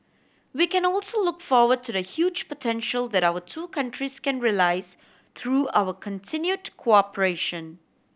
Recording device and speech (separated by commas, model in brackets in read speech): boundary microphone (BM630), read sentence